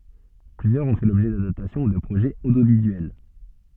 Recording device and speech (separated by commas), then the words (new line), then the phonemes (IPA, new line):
soft in-ear microphone, read sentence
Plusieurs on fait l'objet d'adaptation ou de projets audiovisuels.
plyzjœʁz ɔ̃ fɛ lɔbʒɛ dadaptasjɔ̃ u də pʁoʒɛz odjovizyɛl